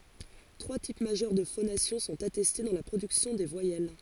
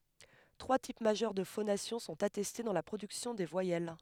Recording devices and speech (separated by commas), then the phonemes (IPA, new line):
forehead accelerometer, headset microphone, read sentence
tʁwa tip maʒœʁ də fonasjɔ̃ sɔ̃t atɛste dɑ̃ la pʁodyksjɔ̃ de vwajɛl